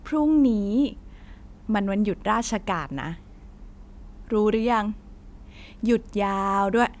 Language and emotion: Thai, frustrated